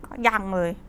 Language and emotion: Thai, frustrated